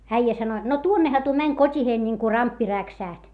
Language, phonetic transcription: Finnish, äijä sano jot , » no tuonneha tuo mäń kot́iheen niŋku ramppi räksä̀ht » .
- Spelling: äijä sanoi jotta no tuonnehan tuo meni kotiin niin kuin ramppi räksähti

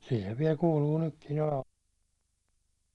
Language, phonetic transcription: Finnish, sil se viɛl 'kuuluu 'nykkin ‿oleva .
- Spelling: sillä se vielä kuuluu nytkin olevan

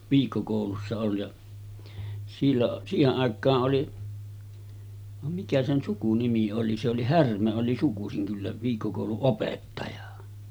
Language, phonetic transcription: Finnish, 'viikkokòulussa ol- ja , silloˀ , 'siiheˀ 'ˀàek̆kaa’ ’oli , vam 'mikä sen 'sukunimi oli se oli "Härmä oli 'sukusiŋ kyllä , viikkokòuluˀ 'ˀopettaja .
- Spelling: viikkokoulussa - ja silloin siihen aikaan oli vaan mikä sen sukunimi oli se oli Härmä oli sukuisin kyllä viikkokoulun opettaja

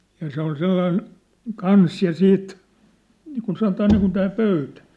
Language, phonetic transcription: Finnish, ja 'se ‿ol 'sellain , "kans ja "siit , niikun sanotaa niikun tää 'pöytᴀ̈ .
- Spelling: ja se oli sellainen kanssa ja siit niin kuin sanotaan niin kuin tämä pöytä

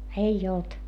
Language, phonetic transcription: Finnish, eij ‿olt .
- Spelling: ei ollut

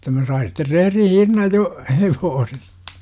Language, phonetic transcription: Finnish, jotta 'mä sain̬ sitter 'rehrin̬ "hinnaj 'jo , 'hevoosestA .
- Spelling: jotta minä sain sitten rehdin hinnan jo hevosesta

